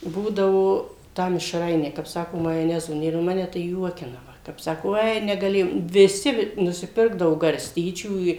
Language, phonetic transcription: Lithuanian, ˈbūdavo ˈtą mišˈrainę kap ˈsako majoˈnezo ˈnėr nu ˈmane tai ˈjuokina kap ˈsako ˈoi negaˈlėjom viˈsi nusiˈpirkdavo garˈstyčių i

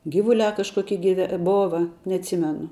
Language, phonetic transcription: Lithuanian, ˈgivuˌliā kažˈkokie giˈve ˈbova neatˈsymenu

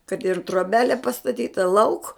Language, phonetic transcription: Lithuanian, kad ir troˈbelė pastaˈtyta lauk

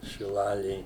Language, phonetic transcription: Lithuanian, šiˈlalėj

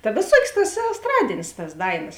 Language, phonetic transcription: Lithuanian, ta vėˈsuokės tas esˈtradėnės tas ˈdaiˌnas

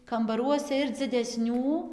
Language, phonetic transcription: Lithuanian, kambaˈruose ir dzideˈsnių

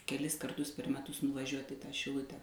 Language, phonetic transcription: Lithuanian, keˈlis karˈtus per meˈtus nuvaˈžiuoti i ˈta šiˈlute

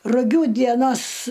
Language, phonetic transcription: Lithuanian, ruˈgių dieˈnos

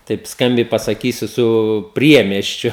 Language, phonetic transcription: Lithuanian, taip ˈskambiai pasaˈkysiu su ˈpriemiesčiu

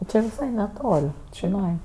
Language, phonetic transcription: Lithuanian, ˈči viˈsai neˈtol' čiˈnai

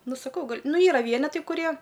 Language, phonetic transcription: Lithuanian, ˈnu saˈkau ˈgal' ˈnu ˈyra ˈvienetai kuˈrie

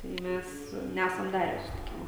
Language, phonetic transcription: Lithuanian, tai ˈmæs ˈnæsam ˈdarę susitiˈkimo

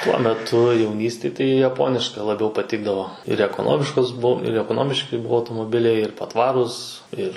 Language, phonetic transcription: Lithuanian, tuo meˈtu jauˈnystėj tai jaˈponiška laˈbiau paˈtikdavo ir ekoˈnomiškos ˈbuv ir ekoˈnomiški ˈbuo automoˈbiliai ir paˈtvarūs ˈir

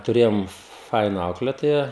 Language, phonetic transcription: Lithuanian, tuˈrėjom ˈfaina ˈauklėtoja

